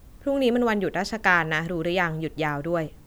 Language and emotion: Thai, neutral